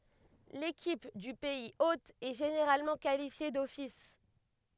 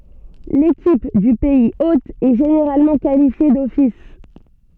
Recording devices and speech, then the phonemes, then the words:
headset microphone, soft in-ear microphone, read sentence
lekip dy pɛiz ot ɛ ʒeneʁalmɑ̃ kalifje dɔfis
L'équipe du pays hôte est généralement qualifiée d'office.

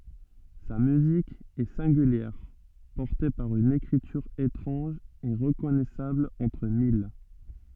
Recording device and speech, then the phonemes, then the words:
soft in-ear microphone, read sentence
sa myzik ɛ sɛ̃ɡyljɛʁ pɔʁte paʁ yn ekʁityʁ etʁɑ̃ʒ e ʁəkɔnɛsabl ɑ̃tʁ mil
Sa musique est singulière, portée par une écriture étrange et reconnaissable entre mille.

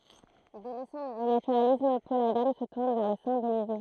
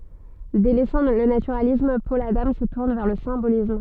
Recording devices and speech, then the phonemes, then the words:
throat microphone, soft in-ear microphone, read sentence
delɛsɑ̃ lə natyʁalism pɔl adɑ̃ sə tuʁn vɛʁ lə sɛ̃bolism
Délaissant le naturalisme, Paul Adam se tourne vers le symbolisme.

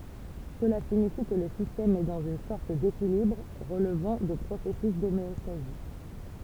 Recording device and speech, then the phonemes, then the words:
temple vibration pickup, read sentence
səla siɲifi kə lə sistɛm ɛ dɑ̃z yn sɔʁt dekilibʁ ʁəlvɑ̃ də pʁosɛsys domeɔstazi
Cela signifie que le système est dans une sorte d'équilibre, relevant de processus d'homéostasie.

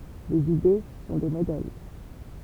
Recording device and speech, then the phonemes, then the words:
temple vibration pickup, read sentence
lez ide sɔ̃ de modɛl
Les idées sont des modèles.

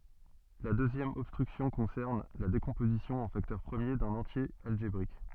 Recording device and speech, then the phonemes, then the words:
soft in-ear microphone, read sentence
la døzjɛm ɔbstʁyksjɔ̃ kɔ̃sɛʁn la dekɔ̃pozisjɔ̃ ɑ̃ faktœʁ pʁəmje dœ̃n ɑ̃tje alʒebʁik
La deuxième obstruction concerne la décomposition en facteurs premiers d'un entier algébrique.

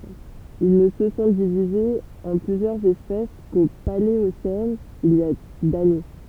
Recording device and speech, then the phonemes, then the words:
temple vibration pickup, read sentence
il nə sə sɔ̃ divizez ɑ̃ plyzjœʁz ɛspɛs ko paleosɛn il i a dane
Ils ne se sont divisés en plusieurs espèces qu'au Paléocène, il y a d'années.

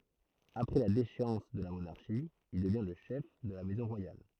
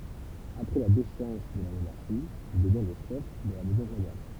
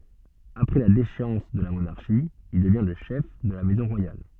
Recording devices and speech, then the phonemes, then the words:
throat microphone, temple vibration pickup, soft in-ear microphone, read sentence
apʁɛ la deʃeɑ̃s də la monaʁʃi il dəvjɛ̃ lə ʃɛf də la mɛzɔ̃ ʁwajal
Après la déchéance de la monarchie, il devient le chef de la maison royale.

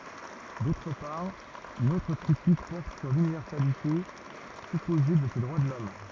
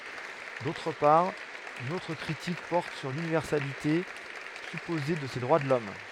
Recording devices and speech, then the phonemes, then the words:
rigid in-ear microphone, headset microphone, read sentence
dotʁ paʁ yn otʁ kʁitik pɔʁt syʁ lynivɛʁsalite sypoze də se dʁwa də lɔm
D'autre part, une autre critique porte sur l'universalité supposée de ces droits de l'homme.

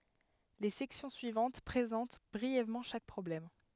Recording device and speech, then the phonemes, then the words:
headset microphone, read sentence
le sɛksjɔ̃ syivɑ̃t pʁezɑ̃t bʁiɛvmɑ̃ ʃak pʁɔblɛm
Les sections suivantes présentent brièvement chaque problème.

